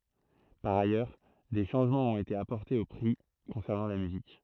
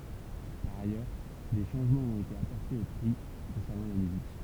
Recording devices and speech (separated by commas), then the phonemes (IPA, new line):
throat microphone, temple vibration pickup, read sentence
paʁ ajœʁ de ʃɑ̃ʒmɑ̃z ɔ̃t ete apɔʁtez o pʁi kɔ̃sɛʁnɑ̃ la myzik